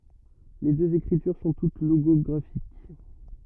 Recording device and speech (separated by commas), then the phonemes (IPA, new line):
rigid in-ear microphone, read sentence
le døz ekʁityʁ sɔ̃ tut loɡɔɡʁafik